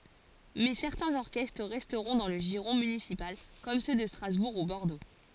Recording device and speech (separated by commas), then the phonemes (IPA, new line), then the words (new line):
forehead accelerometer, read sentence
mɛ sɛʁtɛ̃z ɔʁkɛstʁ ʁɛstʁɔ̃ dɑ̃ lə ʒiʁɔ̃ mynisipal kɔm sø də stʁazbuʁ u bɔʁdo
Mais certains orchestres resteront dans le giron municipal comme ceux de Strasbourg ou Bordeaux.